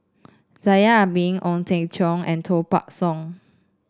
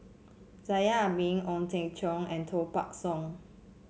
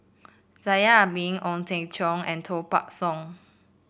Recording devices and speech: standing microphone (AKG C214), mobile phone (Samsung C7), boundary microphone (BM630), read sentence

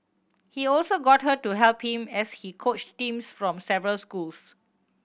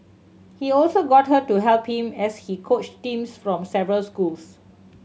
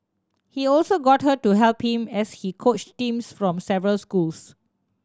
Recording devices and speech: boundary microphone (BM630), mobile phone (Samsung C7100), standing microphone (AKG C214), read sentence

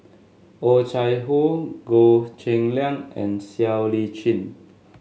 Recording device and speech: mobile phone (Samsung S8), read sentence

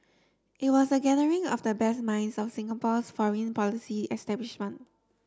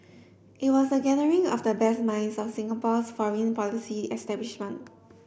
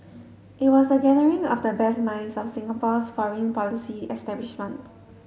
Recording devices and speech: standing microphone (AKG C214), boundary microphone (BM630), mobile phone (Samsung S8), read sentence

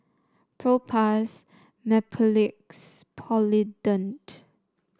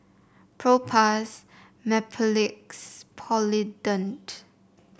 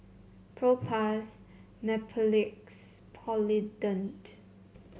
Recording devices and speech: standing microphone (AKG C214), boundary microphone (BM630), mobile phone (Samsung C7), read sentence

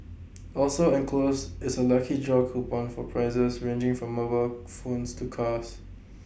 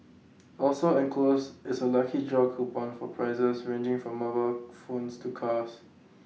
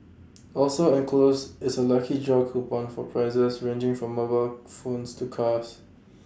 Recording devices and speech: boundary microphone (BM630), mobile phone (iPhone 6), standing microphone (AKG C214), read sentence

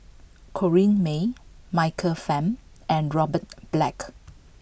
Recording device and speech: boundary microphone (BM630), read sentence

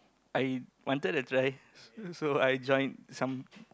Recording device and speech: close-talking microphone, conversation in the same room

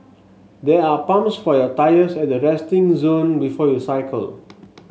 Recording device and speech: mobile phone (Samsung S8), read sentence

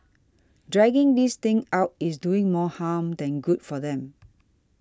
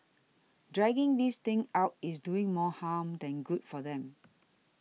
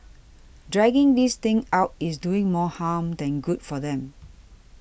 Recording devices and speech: standing microphone (AKG C214), mobile phone (iPhone 6), boundary microphone (BM630), read sentence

